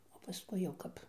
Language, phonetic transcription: Lithuanian, o paˈskui jau ˈkap

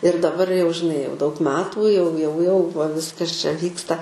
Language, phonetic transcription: Lithuanian, ir daˈbar jau žiˈnai jau daug ˈmetų jau jau jau va ˈviskas čia ˈvyksta

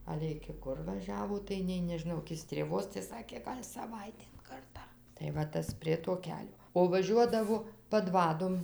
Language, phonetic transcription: Lithuanian, ˈale iki ˈkur vaˈžiavo tai nei nežiˈnau iki strėˈvos tai ˈsakė ˈgal' saˈvaitėn ˈkartą tai va ˈtas ˈprie to ˈkelio o vaˈžiuodavo paˈdvadom

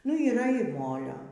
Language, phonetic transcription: Lithuanian, nu yˈra ir ˈmolio

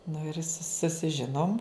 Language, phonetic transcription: Lithuanian, nu ir su susiˈžinom

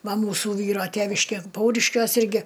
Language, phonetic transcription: Lithuanian, ˈva ˈmūsu ˈvyro ˈtėviškė ˈpauriškiuos ˈirgi

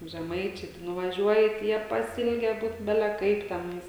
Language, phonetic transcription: Lithuanian, žeˈmaičiai tai nuvaˈžiuoji tai ˈjie paˈsilge ˈbūt ˈbele ˈkaip teˈnais

